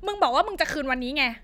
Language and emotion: Thai, angry